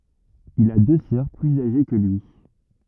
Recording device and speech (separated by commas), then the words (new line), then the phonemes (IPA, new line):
rigid in-ear microphone, read sentence
Il a deux sœurs plus âgées que lui.
il a dø sœʁ plyz aʒe kə lyi